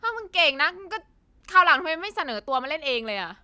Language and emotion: Thai, frustrated